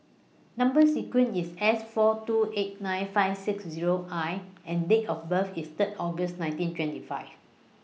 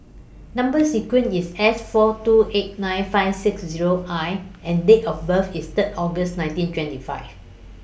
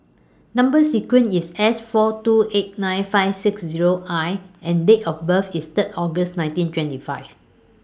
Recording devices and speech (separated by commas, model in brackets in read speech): mobile phone (iPhone 6), boundary microphone (BM630), standing microphone (AKG C214), read sentence